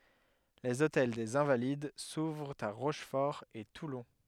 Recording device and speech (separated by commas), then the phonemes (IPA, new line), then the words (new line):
headset microphone, read sentence
lez otɛl dez ɛ̃valid suvʁt a ʁoʃfɔʁ e tulɔ̃
Les Hôtels des Invalides s'ouvrent à Rochefort et Toulon.